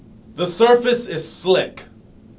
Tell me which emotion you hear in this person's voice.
angry